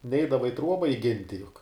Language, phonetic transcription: Lithuanian, ˈneidava i ˈtruoba iˈginti juk

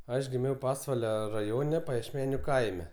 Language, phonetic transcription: Lithuanian, ˈaš giˈmiau ˈpasvalia raˈjone pajiešˈmeniu ˈkaime

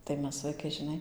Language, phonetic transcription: Lithuanian, tai ˈmes vaiˈkai žiˈnai

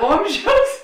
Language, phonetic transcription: Lithuanian, ˈomˌžiaus

